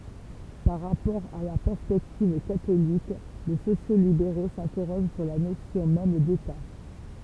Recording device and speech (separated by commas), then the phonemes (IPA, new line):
temple vibration pickup, read sentence
paʁ ʁapɔʁ a la pɛʁspɛktiv katolik le sosjokslibeʁo sɛ̃tɛʁoʒ syʁ la nosjɔ̃ mɛm deta